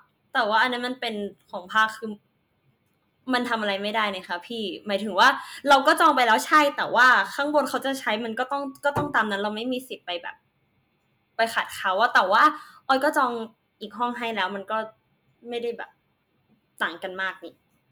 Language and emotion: Thai, frustrated